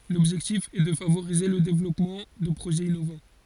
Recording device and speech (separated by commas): forehead accelerometer, read sentence